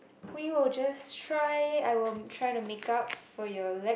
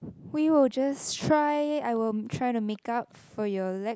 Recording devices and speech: boundary microphone, close-talking microphone, conversation in the same room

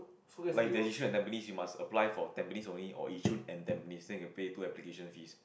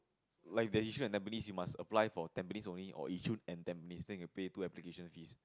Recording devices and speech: boundary microphone, close-talking microphone, conversation in the same room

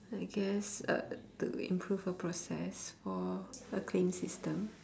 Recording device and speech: standing microphone, conversation in separate rooms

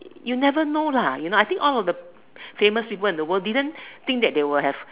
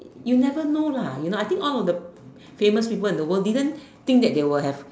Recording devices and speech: telephone, standing microphone, conversation in separate rooms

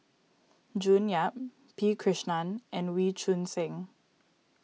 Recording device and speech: mobile phone (iPhone 6), read sentence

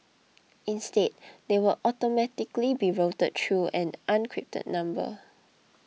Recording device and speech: mobile phone (iPhone 6), read sentence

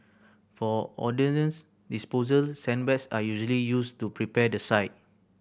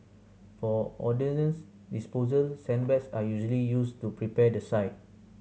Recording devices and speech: boundary microphone (BM630), mobile phone (Samsung C7100), read sentence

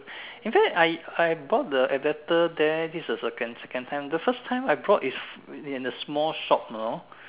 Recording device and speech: telephone, conversation in separate rooms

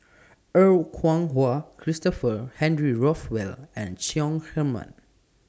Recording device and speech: standing microphone (AKG C214), read sentence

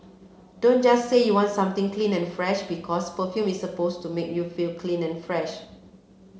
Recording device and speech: mobile phone (Samsung C7), read sentence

